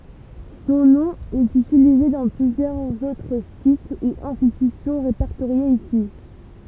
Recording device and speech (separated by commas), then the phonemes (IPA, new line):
temple vibration pickup, read sentence
sɔ̃ nɔ̃ ɛt ytilize dɑ̃ plyzjœʁz otʁ sit u ɛ̃stitysjɔ̃ ʁepɛʁtoʁjez isi